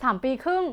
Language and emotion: Thai, neutral